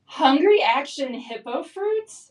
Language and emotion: English, happy